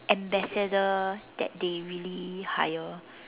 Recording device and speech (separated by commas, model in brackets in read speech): telephone, conversation in separate rooms